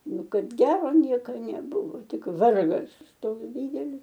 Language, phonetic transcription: Lithuanian, ˈnu ˈkad ˈgero ˈnieka neˈbuvo ˈtik ˈvargas ˈtoks ˈdydelis

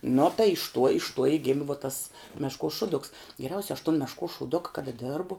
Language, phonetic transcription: Lithuanian, nu tai iš tuo iš tuo i ˈgimi vuo tas ˈmeškuos ˈšuduks geˈriausia aš tun meškuos šūˈduka kaˈda ˈdėrbu

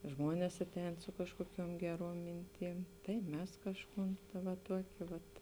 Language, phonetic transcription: Lithuanian, ˈžmonės ˈaˌtēn ˈsu kažkuoˌkiuom ˈgeˌruom ˈminˌtym tai ˈmes ˈkažˌkūn va ˈtuokė ˈvat

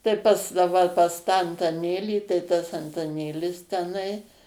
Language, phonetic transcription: Lithuanian, tai ˈpas da ˈva pas tą antaˈnėlį tai tas antaˈnėlis teˈnai

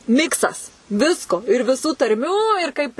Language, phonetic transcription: Lithuanian, ˈmiksas ˈvisko ir viˈsų tarˈmių ir ˈkaip

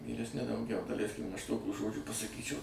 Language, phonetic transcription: Lithuanian, vyresˈni dauˈgiau daˈleiskim aš ˈtokių ˈžodžių pasaˈkyčiau

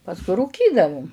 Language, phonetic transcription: Lithuanian, pasˈkui rūˈkydavum

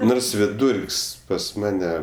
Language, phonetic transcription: Lithuanian, ˈnors viˈdūrk's' pas ˈmane

